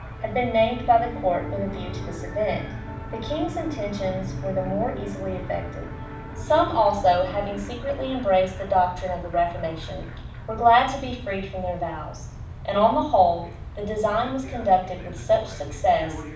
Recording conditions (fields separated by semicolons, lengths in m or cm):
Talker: one person; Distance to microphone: 5.8 m; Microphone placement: far; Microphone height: 1.8 m; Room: medium-sized (5.7 m by 4.0 m); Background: television